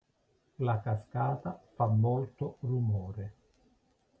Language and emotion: Italian, neutral